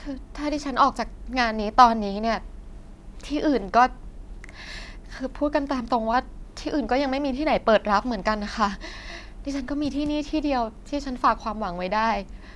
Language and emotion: Thai, frustrated